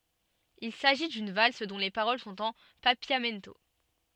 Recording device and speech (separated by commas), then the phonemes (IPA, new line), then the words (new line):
soft in-ear microphone, read sentence
il saʒi dyn vals dɔ̃ le paʁol sɔ̃t ɑ̃ papjamɛnto
Il s'agit d'une valse dont les paroles sont en papiamento.